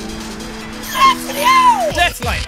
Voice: high pitched